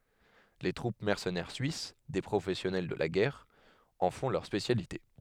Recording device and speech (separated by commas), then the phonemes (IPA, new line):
headset microphone, read sentence
le tʁup mɛʁsənɛʁ syis de pʁofɛsjɔnɛl də la ɡɛʁ ɑ̃ fɔ̃ lœʁ spesjalite